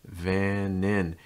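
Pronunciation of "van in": The words are linked so they sound like 'van in': a v sound runs into 'an', and the last n of 'an' links straight into 'in'.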